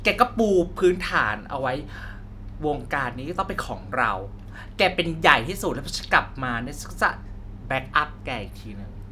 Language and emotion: Thai, happy